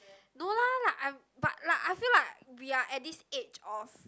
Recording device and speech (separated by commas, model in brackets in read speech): close-talking microphone, conversation in the same room